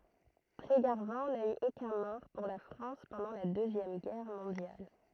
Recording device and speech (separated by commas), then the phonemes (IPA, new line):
throat microphone, read sentence
tʁeɡaʁvɑ̃ na y okœ̃ mɔʁ puʁ la fʁɑ̃s pɑ̃dɑ̃ la døzjɛm ɡɛʁ mɔ̃djal